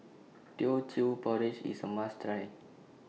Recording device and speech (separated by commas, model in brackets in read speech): mobile phone (iPhone 6), read sentence